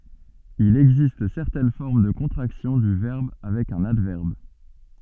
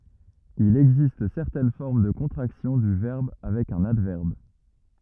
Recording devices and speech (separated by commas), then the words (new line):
soft in-ear microphone, rigid in-ear microphone, read sentence
Il existe certaines formes de contractions du verbe avec un adverbe.